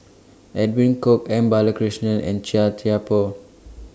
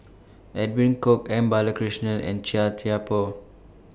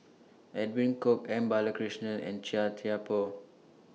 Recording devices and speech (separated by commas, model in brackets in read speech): standing microphone (AKG C214), boundary microphone (BM630), mobile phone (iPhone 6), read sentence